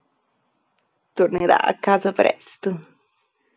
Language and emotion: Italian, sad